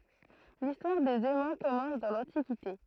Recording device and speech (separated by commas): throat microphone, read sentence